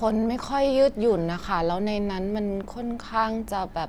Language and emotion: Thai, frustrated